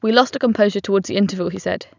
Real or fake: real